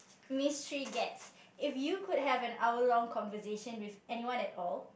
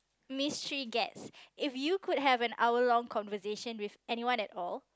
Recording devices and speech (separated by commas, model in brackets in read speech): boundary microphone, close-talking microphone, conversation in the same room